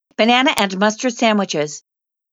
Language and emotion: English, disgusted